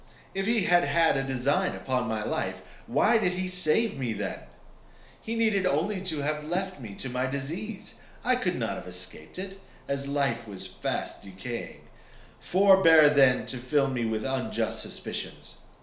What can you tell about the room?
A small space.